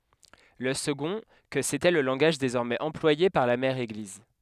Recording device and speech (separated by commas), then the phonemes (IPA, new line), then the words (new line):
headset microphone, read sentence
lə səɡɔ̃ kə setɛ lə lɑ̃ɡaʒ dezɔʁmɛz ɑ̃plwaje paʁ la mɛʁ eɡliz
Le second, que c'était le langage désormais employé par la mère Église.